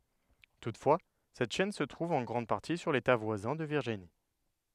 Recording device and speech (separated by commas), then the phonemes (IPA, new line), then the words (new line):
headset microphone, read sentence
tutfwa sɛt ʃɛn sə tʁuv ɑ̃ ɡʁɑ̃d paʁti syʁ leta vwazɛ̃ də viʁʒini
Toutefois, cette chaîne se trouve en grande partie sur l'État voisin de Virginie.